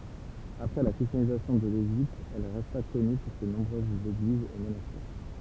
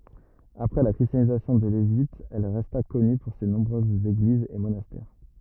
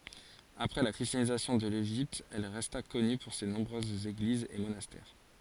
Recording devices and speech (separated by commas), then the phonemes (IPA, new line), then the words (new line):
temple vibration pickup, rigid in-ear microphone, forehead accelerometer, read sentence
apʁɛ la kʁistjanizasjɔ̃ də leʒipt ɛl ʁɛsta kɔny puʁ se nɔ̃bʁøzz eɡlizz e monastɛʁ
Après la christianisation de l'Égypte elle resta connue pour ses nombreuses églises et monastères.